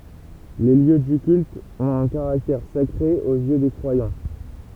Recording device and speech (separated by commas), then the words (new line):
temple vibration pickup, read sentence
Les lieux du culte ont un caractère sacré aux yeux des croyants.